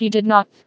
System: TTS, vocoder